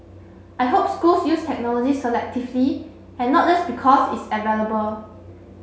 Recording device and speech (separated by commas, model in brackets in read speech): mobile phone (Samsung C7), read sentence